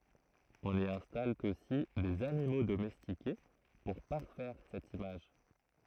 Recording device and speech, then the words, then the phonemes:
throat microphone, read sentence
On y installe aussi des animaux domestiqués pour parfaire cette image.
ɔ̃n i ɛ̃stal osi dez animo domɛstike puʁ paʁfɛʁ sɛt imaʒ

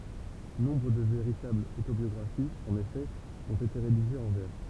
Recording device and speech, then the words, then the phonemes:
temple vibration pickup, read sentence
Nombre de véritables autobiographies, en effet, ont été rédigées en vers.
nɔ̃bʁ də veʁitablz otobjɔɡʁafiz ɑ̃n efɛ ɔ̃t ete ʁediʒez ɑ̃ vɛʁ

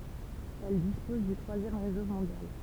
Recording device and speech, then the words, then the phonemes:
temple vibration pickup, read sentence
Elle dispose du troisième réseau mondial.
ɛl dispɔz dy tʁwazjɛm ʁezo mɔ̃djal

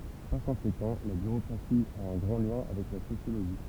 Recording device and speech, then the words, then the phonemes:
temple vibration pickup, read sentence
Par conséquent, la bureaucratie a un grand lien avec la sociologie.
paʁ kɔ̃sekɑ̃ la byʁokʁasi a œ̃ ɡʁɑ̃ ljɛ̃ avɛk la sosjoloʒi

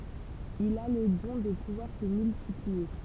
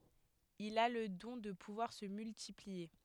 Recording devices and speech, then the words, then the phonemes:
temple vibration pickup, headset microphone, read sentence
Il a le don de pouvoir se multiplier.
il a lə dɔ̃ də puvwaʁ sə myltiplie

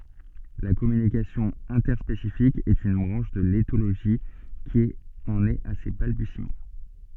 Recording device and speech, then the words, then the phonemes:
soft in-ear microphone, read sentence
La communication interspécifique est une branche de l'éthologie qui en est à ses balbutiements.
la kɔmynikasjɔ̃ ɛ̃tɛʁspesifik ɛt yn bʁɑ̃ʃ də letoloʒi ki ɑ̃n ɛt a se balbysimɑ̃

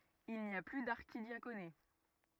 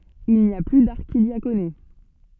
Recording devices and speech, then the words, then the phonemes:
rigid in-ear microphone, soft in-ear microphone, read sentence
Il n'y a plus d'archidiaconé.
il ni a ply daʁʃidjakone

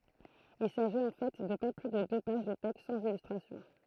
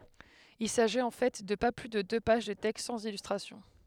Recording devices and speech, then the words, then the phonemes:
throat microphone, headset microphone, read sentence
Il s’agit en fait de pas plus de deux pages de texte sans illustration.
il saʒit ɑ̃ fɛ də pa ply də dø paʒ də tɛkst sɑ̃z ilystʁasjɔ̃

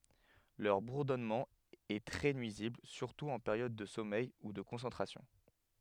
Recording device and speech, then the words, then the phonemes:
headset microphone, read sentence
Leur bourdonnement est très nuisible, surtout en période de sommeil ou de concentration.
lœʁ buʁdɔnmɑ̃ ɛ tʁɛ nyizibl syʁtu ɑ̃ peʁjɔd də sɔmɛj u də kɔ̃sɑ̃tʁasjɔ̃

